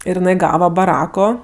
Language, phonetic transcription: Lithuanian, ir jiˈnai ˈgava baˈrako

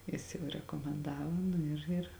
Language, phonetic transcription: Lithuanian, ˈjis jau rekomenˈdavo ˈnu ir ˈir

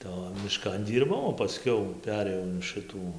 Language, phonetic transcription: Lithuanian, tai o miˈškan ˈdyrbau o paˈskiau ˈperėjau in ˈšɨtų

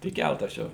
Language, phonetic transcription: Lithuanian, tik ˈkæltas ˈčia

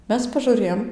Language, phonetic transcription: Lithuanian, ˈmes pažuˈrėjom

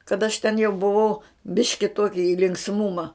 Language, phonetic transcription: Lithuanian, kad aš ten jau buˈvau ˈbiški ˈtuoki i linksˈmuma

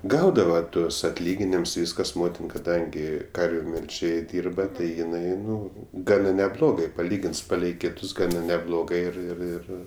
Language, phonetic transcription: Lithuanian, ˈgaudava ˈtuos atˈlyginims ˈvyskas ˈmotin kaˈdangi ˈkarviu melˈžėj ˈdyrba ˈtai jiˈnai ˈnu ˈgana neˈblogai paˈlygins ˈpalei ˈkitus ˈgana neˈblogai ˈir ir ˈir

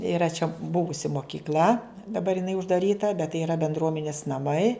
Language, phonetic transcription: Lithuanian, iˈra čia ˈbuvusi mokikˈl'a daˈbar jiˈnai uždaˈryta bet tai yˈra bendˈruomenis naˈmai

